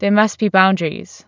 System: none